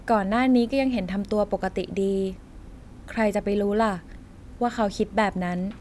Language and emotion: Thai, neutral